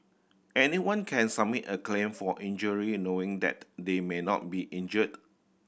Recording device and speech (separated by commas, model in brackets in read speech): boundary microphone (BM630), read sentence